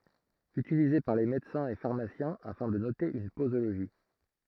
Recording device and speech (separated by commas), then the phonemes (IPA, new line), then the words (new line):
throat microphone, read sentence
ytilize paʁ le medəsɛ̃z e faʁmasjɛ̃ afɛ̃ də note yn pozoloʒi
Utilisé par les médecins et pharmaciens afin de noter une posologie.